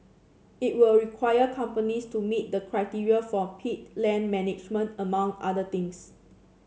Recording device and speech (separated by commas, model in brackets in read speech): mobile phone (Samsung C7), read sentence